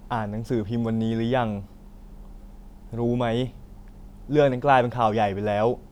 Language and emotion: Thai, neutral